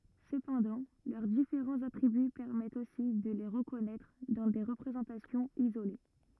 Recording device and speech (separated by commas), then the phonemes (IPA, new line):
rigid in-ear microphone, read sentence
səpɑ̃dɑ̃ lœʁ difeʁɑ̃z atʁiby pɛʁmɛtt osi də le ʁəkɔnɛtʁ dɑ̃ de ʁəpʁezɑ̃tasjɔ̃z izole